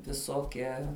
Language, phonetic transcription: Lithuanian, viˈsokia

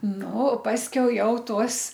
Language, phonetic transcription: Lithuanian, ˈnu ˈpaskiau ˈjau ˈtuos

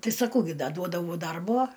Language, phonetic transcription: Lithuanian, ˈtai saˈkau ˈgi ˈda ˈduodavau ˈdarbo

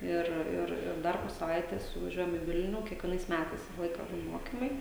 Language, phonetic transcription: Lithuanian, ˈir ˈir ir ˈdar po saˈvaitės vaˈžiuojam i ˈvilnių kiekvieˈnais ˈmætais ˈvisa ˈlaika ˈbūn ˈmokimai

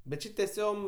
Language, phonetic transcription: Lithuanian, bet ˈči teˈsiom

